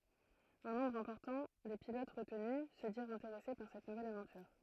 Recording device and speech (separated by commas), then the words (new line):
throat microphone, read sentence
Un nombre important des pilotes retenus se dirent intéressés par cette nouvelle aventure.